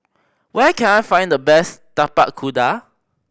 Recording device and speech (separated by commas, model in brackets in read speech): boundary microphone (BM630), read sentence